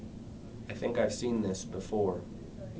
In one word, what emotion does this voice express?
neutral